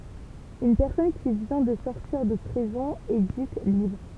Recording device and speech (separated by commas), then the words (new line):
temple vibration pickup, read sentence
Une personne qui vient de sortir de prison est dite libre.